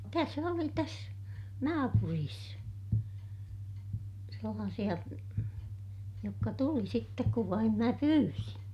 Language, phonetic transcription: Finnish, täs ‿oli täs , naapuriis , sellaasiʲa , jokka tuli sittek kuv vaim mä pyyrin .
- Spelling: tässä oli tässä naapurissa sellaisia jotka tuli sitten kun vain minä pyysin

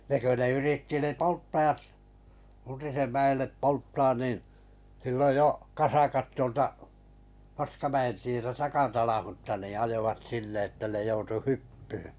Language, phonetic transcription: Finnish, 'ne kö ne 'yritti ne "polttaʲat , 'Untisem 'mä₍ellep "polttaan nìn , silloj jo , 'kasakat tuolta , 'Paskamä₍en tietä 'takatanahutta nì ajovat 'sinne että ne joutu "hyppyhʏ .
- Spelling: ne kun ne yritti ne polttajat Untisen mäelle polttamaan niin silloin jo kasakat tuolta Paskamäen tietä takatanhutta niin ajoivat sinne että ne joutui hyppyyn

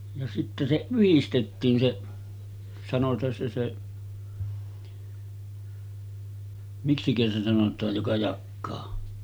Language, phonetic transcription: Finnish, ja sittä se 'yhistettiin se , sanot̀aan se se , 'miksikä se sanot̆taaj joka 'jakkaa .
- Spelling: ja sitten se yhdistettiin se sanotaan se se miksikä se sanotaan joka jakaa

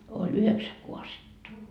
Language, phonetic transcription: Finnish, oĺ 'yheksä 'kuasetta .
- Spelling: oli yhdeksän kaasetta

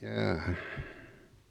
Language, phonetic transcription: Finnish, 'jaa'ha .
- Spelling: jaaha

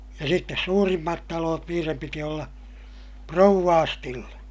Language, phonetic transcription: Finnish, ja sittes suurimmat taloot niirem piti olla , prouvvaastille .
- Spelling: ja sitten suurimmat talot niiden piti olla rovastille

